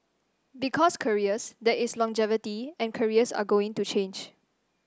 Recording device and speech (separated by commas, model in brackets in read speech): standing microphone (AKG C214), read sentence